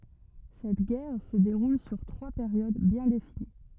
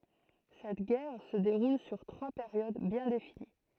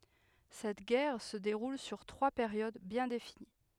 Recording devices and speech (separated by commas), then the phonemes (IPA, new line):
rigid in-ear microphone, throat microphone, headset microphone, read sentence
sɛt ɡɛʁ sə deʁul syʁ tʁwa peʁjod bjɛ̃ defini